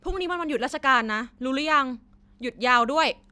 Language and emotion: Thai, neutral